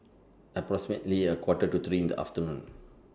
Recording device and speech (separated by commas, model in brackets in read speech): standing microphone (AKG C214), read sentence